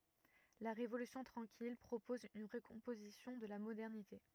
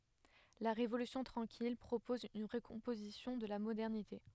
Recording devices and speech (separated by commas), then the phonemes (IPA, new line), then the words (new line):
rigid in-ear microphone, headset microphone, read sentence
la ʁevolysjɔ̃ tʁɑ̃kil pʁopɔz yn ʁəkɔ̃pozisjɔ̃ də la modɛʁnite
La Révolution tranquille propose une recomposition de la modernité.